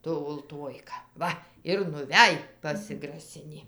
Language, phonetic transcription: Lithuanian, ˈtu ulˈtuojka ˈva ir nuˈvæj pasigraˈsinį

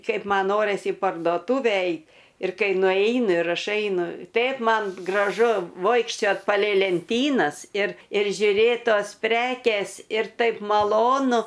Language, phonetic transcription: Lithuanian, ˈkaip ˈman ˈnoris į pardoˈtūve ˈeit ir ˈkai nuˈeinu ir ˈaš ˈeinu ˈteip ˈman graˈžu ˈvoikščiot palei lenˈtynas ir ir žiuˈrėt ˈtos ˈprekės ir ˈtaip maˈlonu

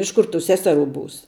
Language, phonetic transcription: Lithuanian, ˈiš ˌkur tų ˈseseˌrų ˈbūs

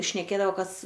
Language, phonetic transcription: Lithuanian, šneˈkėdavo ˈkas

